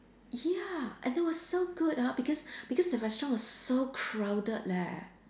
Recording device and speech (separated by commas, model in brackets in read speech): standing microphone, conversation in separate rooms